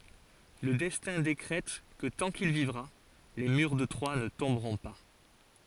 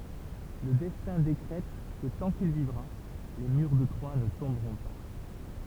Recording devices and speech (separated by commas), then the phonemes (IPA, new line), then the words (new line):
forehead accelerometer, temple vibration pickup, read sentence
lə dɛstɛ̃ dekʁɛt kə tɑ̃ kil vivʁa le myʁ də tʁwa nə tɔ̃bʁɔ̃ pa
Le Destin décrète que tant qu'il vivra, les murs de Troie ne tomberont pas.